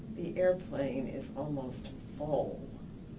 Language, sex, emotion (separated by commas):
English, female, disgusted